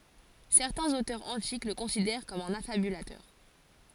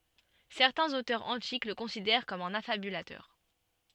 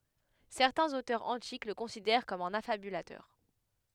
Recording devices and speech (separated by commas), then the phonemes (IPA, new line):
forehead accelerometer, soft in-ear microphone, headset microphone, read sentence
sɛʁtɛ̃z otœʁz ɑ̃tik lə kɔ̃sidɛʁ kɔm œ̃n afabylatœʁ